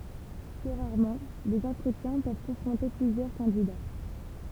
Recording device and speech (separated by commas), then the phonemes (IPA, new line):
temple vibration pickup, read sentence
ply ʁaʁmɑ̃ dez ɑ̃tʁətjɛ̃ pøv kɔ̃fʁɔ̃te plyzjœʁ kɑ̃dida